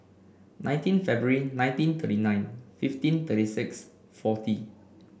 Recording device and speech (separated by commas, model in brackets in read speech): boundary microphone (BM630), read sentence